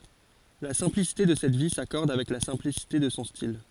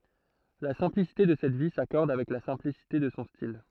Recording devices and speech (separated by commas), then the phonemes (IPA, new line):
forehead accelerometer, throat microphone, read sentence
la sɛ̃plisite də sɛt vi sakɔʁd avɛk la sɛ̃plisite də sɔ̃ stil